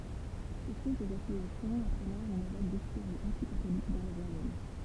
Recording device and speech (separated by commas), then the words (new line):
temple vibration pickup, read sentence
Ces fausses accusations entraînèrent une vague d'hystérie anti-catholique dans le royaume.